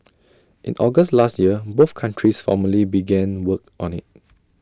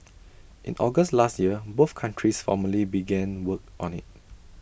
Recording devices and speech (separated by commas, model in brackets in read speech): standing microphone (AKG C214), boundary microphone (BM630), read sentence